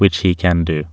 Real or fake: real